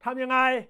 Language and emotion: Thai, angry